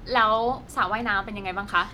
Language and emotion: Thai, neutral